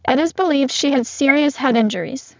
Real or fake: fake